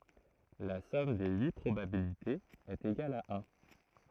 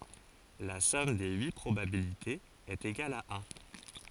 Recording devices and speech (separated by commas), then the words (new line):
throat microphone, forehead accelerometer, read sentence
La somme des huit probabilités est égale à un.